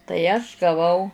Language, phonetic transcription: Lithuanian, tai aš gaˈvau

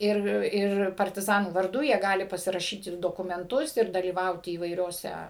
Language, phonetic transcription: Lithuanian, ˈir ˈir partiˈzanų varˈdu jie ˈgali pasiraˈšyti dokumenˈtus ir dalyˈvauti įvaiˈriose

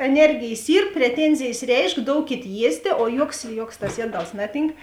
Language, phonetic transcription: Lithuanian, eˈnergėjs ˈyr preˈtenzėjs ˈreišk ˈdoukėt ˈjiestė o ˈjuoks ˈjuoks tas ˈjieˌdals ˈnaˌtynk

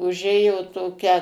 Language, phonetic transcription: Lithuanian, uˈžėjo toˈkia

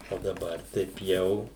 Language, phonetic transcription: Lithuanian, o daˈbar taip ˈjau

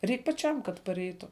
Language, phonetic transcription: Lithuanian, ˈreik paˈčiam kad paˈreitu

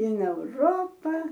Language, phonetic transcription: Lithuanian, in euˈropa

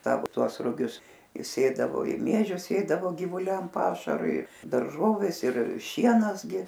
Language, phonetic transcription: Lithuanian, ˈsavo ˈtuos ruˈgius i ˈsėdavo i ˈmiežius ˈsėdavo givuˈliam ˈpašarui darˈžovės ir ˈšienas gi

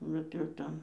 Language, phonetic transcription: Lithuanian, ˈbet jau ˈten

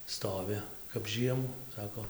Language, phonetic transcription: Lithuanian, ˈstoviu kap ˈžiemu ˈsako

